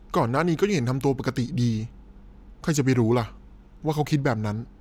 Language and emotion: Thai, neutral